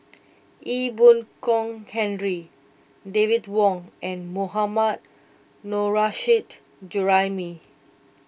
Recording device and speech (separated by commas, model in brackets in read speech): boundary microphone (BM630), read sentence